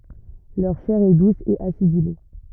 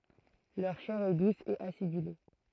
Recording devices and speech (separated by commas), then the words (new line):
rigid in-ear microphone, throat microphone, read sentence
Leur chair est douce et acidulée.